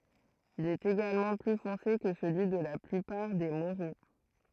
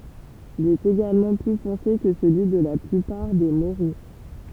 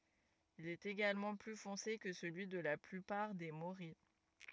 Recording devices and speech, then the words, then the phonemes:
throat microphone, temple vibration pickup, rigid in-ear microphone, read sentence
Il est également plus foncé que celui de la plupart des morilles.
il ɛt eɡalmɑ̃ ply fɔ̃se kə səlyi də la plypaʁ de moʁij

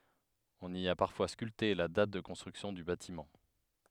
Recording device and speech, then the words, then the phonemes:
headset microphone, read sentence
On y a parfois sculpté la date de construction du bâtiment.
ɔ̃n i a paʁfwa skylte la dat də kɔ̃stʁyksjɔ̃ dy batimɑ̃

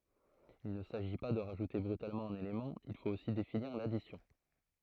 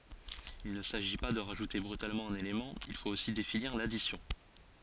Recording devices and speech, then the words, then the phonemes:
throat microphone, forehead accelerometer, read sentence
Il ne s'agit pas de rajouter brutalement un élément, il faut aussi définir l'addition.
il nə saʒi pa də ʁaʒute bʁytalmɑ̃ œ̃n elemɑ̃ il fot osi definiʁ ladisjɔ̃

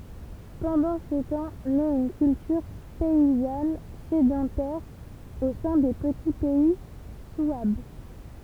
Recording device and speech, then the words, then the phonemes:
temple vibration pickup, read sentence
Pendant ce temps naît une culture paysanne sédentaire au sein des petits pays souabes.
pɑ̃dɑ̃ sə tɑ̃ nɛt yn kyltyʁ pɛizan sedɑ̃tɛʁ o sɛ̃ de pəti pɛi swab

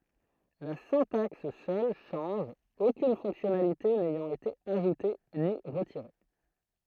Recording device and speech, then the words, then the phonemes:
throat microphone, read sentence
La syntaxe seule change, aucune fonctionnalité n'ayant été ajoutée ni retirée.
la sɛ̃taks sœl ʃɑ̃ʒ okyn fɔ̃ksjɔnalite nɛjɑ̃t ete aʒute ni ʁətiʁe

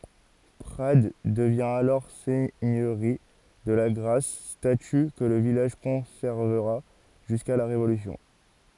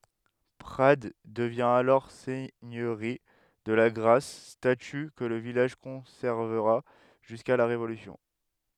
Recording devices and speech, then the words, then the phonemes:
forehead accelerometer, headset microphone, read sentence
Prades devient alors seigneurie de Lagrasse, statut que le village conservera jusqu'à la Révolution.
pʁad dəvjɛ̃ alɔʁ sɛɲøʁi də laɡʁas staty kə lə vilaʒ kɔ̃sɛʁvəʁa ʒyska la ʁevolysjɔ̃

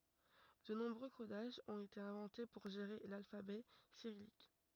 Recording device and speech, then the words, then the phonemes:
rigid in-ear microphone, read sentence
De nombreux codages ont été inventés pour gérer l'alphabet cyrillique.
də nɔ̃bʁø kodaʒz ɔ̃t ete ɛ̃vɑ̃te puʁ ʒeʁe lalfabɛ siʁijik

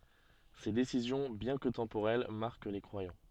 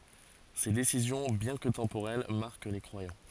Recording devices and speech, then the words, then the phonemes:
soft in-ear microphone, forehead accelerometer, read sentence
Ses décisions bien que temporelles marquent les croyants.
se desizjɔ̃ bjɛ̃ kə tɑ̃poʁɛl maʁk le kʁwajɑ̃

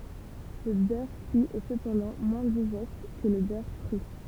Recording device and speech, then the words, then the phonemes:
temple vibration pickup, read sentence
Le beurre cuit est cependant moins digeste que le beurre cru.
lə bœʁ kyi ɛ səpɑ̃dɑ̃ mwɛ̃ diʒɛst kə lə bœʁ kʁy

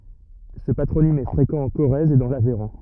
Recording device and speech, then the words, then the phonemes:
rigid in-ear microphone, read sentence
Ce patronyme est fréquent en Corrèze et dans l'Aveyron.
sə patʁonim ɛ fʁekɑ̃ ɑ̃ koʁɛz e dɑ̃ lavɛʁɔ̃

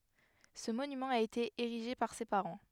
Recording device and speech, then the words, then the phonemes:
headset microphone, read sentence
Ce monument a été érigé par ses parents.
sə monymɑ̃ a ete eʁiʒe paʁ se paʁɑ̃

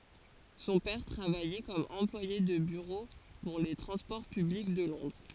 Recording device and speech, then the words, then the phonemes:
forehead accelerometer, read sentence
Son père travaillait comme employé de bureau pour les transports publics de Londres.
sɔ̃ pɛʁ tʁavajɛ kɔm ɑ̃plwaje də byʁo puʁ le tʁɑ̃spɔʁ pyblik də lɔ̃dʁ

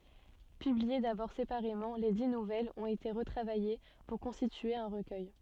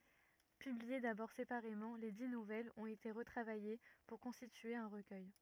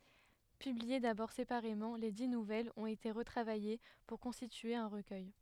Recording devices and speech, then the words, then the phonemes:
soft in-ear microphone, rigid in-ear microphone, headset microphone, read sentence
Publiées d'abord séparément, les dix nouvelles ont été retravaillées pour constituer un recueil.
pyblie dabɔʁ sepaʁemɑ̃ le di nuvɛlz ɔ̃t ete ʁətʁavaje puʁ kɔ̃stitye œ̃ ʁəkœj

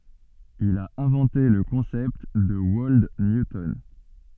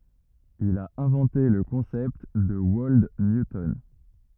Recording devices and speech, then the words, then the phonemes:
soft in-ear microphone, rigid in-ear microphone, read sentence
Il a inventé le concept de Wold Newton.
il a ɛ̃vɑ̃te lə kɔ̃sɛpt də wɔld njutɔn

